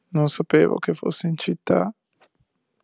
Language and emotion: Italian, sad